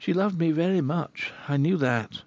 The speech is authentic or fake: authentic